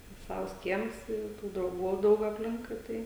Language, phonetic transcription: Lithuanian, ˈsavs ˈkiems ˈi i ˈtų drauˈgų jau ˈdaug apˈlinkui ˈtai

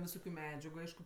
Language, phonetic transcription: Lithuanian, viˈsokiu ˈmedžiagu ˈaišku

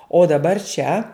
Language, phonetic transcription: Lithuanian, o daˈbar čia

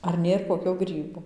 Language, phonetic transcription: Lithuanian, ar ˈnėr koˈkio ˈgrybo

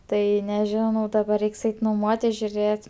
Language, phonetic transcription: Lithuanian, ˈtai neˈžinau daˈbar ˈreiks ˈeiti noˈmuotis žiuˈrėt'

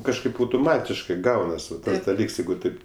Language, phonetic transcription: Lithuanian, kažˈkaip autuˈmatiškɜ ˈgaunas ˈvat daˈlyks ˈjeigu ˈtaip

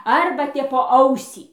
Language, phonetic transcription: Lithuanian, ˈarba tep po ˈausį

